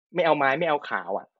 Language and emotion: Thai, frustrated